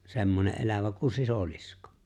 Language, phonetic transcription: Finnish, 'semmone’ '’elävä ku "sisolɪskᴏ .
- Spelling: semmoinen elävä kuin sisilisko

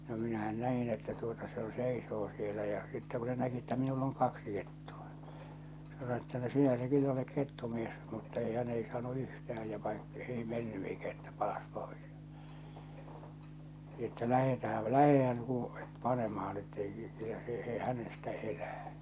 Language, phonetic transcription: Finnish, no minähän 'nä₍in että tuota se Jo 'seisoo sielä ja , sittɛ ku se näki että minull ‿oŋ 'kaksi kettᴜᴀ , se sano että no 'sinä se kyl'l ‿olek 'kettumies , mutta ei hä'n ‿ei saanu 'yhtäh̬äj ja vai , 'ei menny eikä että 'palas 'pois , että » 'lähetähäl 'lähehän uu- , 'panemahan « ettei , kyllä se , e- , 'hänestä 'elää .
- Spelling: no minähän näin että tuota se jo seisoo siellä ja sitten kun se näki että minulla on kaksi kettua se sanoi että no sinä se kyllä olet kettumies mutta ei hän ei saanut yhtään ja vain ei mennyt eikä että palasi pois että lähdetäänhän lähdehän - panemaan että ei kyllä se - hänestä elää

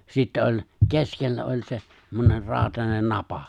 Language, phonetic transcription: Finnish, 'sittä oĺ , "keskellä oĺ se , 'semmoner 'raaᵒtanen "napa .
- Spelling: sitten oli keskellä oli se semmoinen rautainen napa

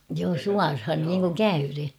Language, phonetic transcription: Finnish, joo "suarhan niiŋkuŋ "käyren̬ .
- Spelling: joo suoraan niin kuin käyden

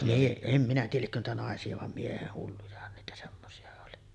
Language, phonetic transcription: Finnish, mie- em minä tiijäl 'liekkö niitä nàesi₍a vam 'mieheh "hullujahan niitä semmosi₍a oli .
- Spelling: - en minä tiedä liekö niitä naisia vaan miehet hullujahan niitä semmoisia oli

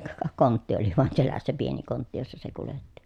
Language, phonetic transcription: Finnish, ka , kontti oli voan selässä pieni kontti jossa se kuletti .
- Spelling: ka kontti oli vain selässä pieni kontti jossa se kuljetti

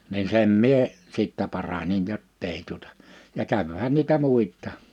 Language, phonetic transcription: Finnish, nin 'sem mie , 'sìttɛ paranin 'jottei tuᵒta , ja 'kävhän niitä 'muit̆tà .
- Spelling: niin sen minä sitten paransin jotta ei tuota ja kävihän niitä muita

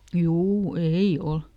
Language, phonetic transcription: Finnish, ˈjuu "ei ˈol !
- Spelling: juu ei ole

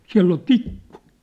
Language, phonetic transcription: Finnish, 'siä̭ll ‿ol "tikku !
- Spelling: siellä oli tikku

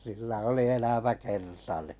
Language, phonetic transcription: Finnish, sillä oli 'elämä'kerta ni .
- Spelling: sillä oli elämäkerta niin

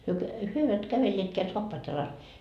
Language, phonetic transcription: Finnish, hyö kä- , 'hyö eivät 'kävelleetkeä "soappaat jalas .
- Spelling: he - he eivät kävelleetkään saappaat jalassa

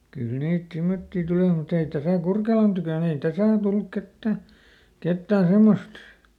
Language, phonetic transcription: Finnish, kyl ˈniit ˈsimmotti ˈtulì mut ‿ei ˈtäsä̀ "Kurkelan tykö̀n ‿ei ˈtäsä̀ ol ˈtulluk ˈkettä , ˈkettää ˈsemmost .
- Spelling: kyllä niitä semmoisia tuli mutta ei tässä Kurkelan tykönä ei tässä ole tullut ketään ketään semmoista

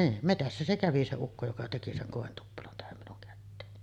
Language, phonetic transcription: Finnish, 'niin , 'metässä se "kävi se 'ukko joka teki 'seŋ 'kòentuppelon tähäm minuŋ kätteeni .
- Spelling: niin metsässä se kävi se ukko joka teki sen kointuppelon tähän minun käteeni

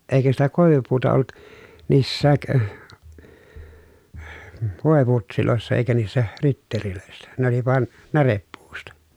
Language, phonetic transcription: Finnish, eikä sitä kòevupuuta ollut , niissääk , vòeputsilòessa eikä niissä , ritterilö̀essä , ne oli van , näreppuusta .
- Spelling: eikä sitä koivupuuta ollut niissäkään voiputseissa eikä niissä ritteleissä ne oli vaan närepuusta

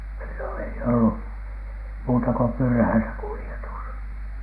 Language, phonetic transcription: Finnish, sillon ei ollu , 'muuta ‿ko "pyrhäisä 'kuli₍etus .
- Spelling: silloin ei ollut muuta kuin pyräissä kuljetus

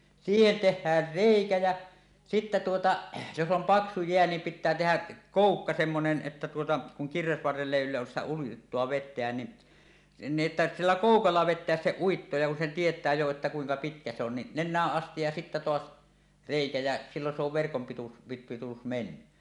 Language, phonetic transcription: Finnish, siihen "teh̆häär "rèikä jä , sittä tuota , jos 'om "paksu 'jeä niim 'pit̆tää tehä , "kòukka 'semmonen ˀettä tuota , kuŋ kirvesvarrell ‿èi ylläs sitä uittoa 'vet̆teän ni , ni ˀettä "iillä "kòukalla 'vet̆teäs se 'uitto ja kun sen tiet̀ää jo että 'kuiŋka "pitkä 'se ‿on ni , "nen̆nääˀ 'ˀastij ja sittä 'toas , "rèikä jä , siilon se ‿ov verkom pitu̳s , pit- pit̳u̳u̳s 'menny .
- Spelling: siihen tehdään reikä ja sitten tuota jos on paksu jää niin pitää tehdä koukka semmoinen että tuota kun kirvesvarrella ei yllä sitä uittoa vetämään niin niin että sillä koukalla vetää se uitto ja kun sen tietää jo että kuinka pitkä se on niin nenään asti ja sitten taas reikä ja silloin se on verkon pituus - pituus mennyt

